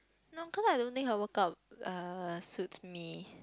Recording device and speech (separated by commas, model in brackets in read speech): close-talking microphone, conversation in the same room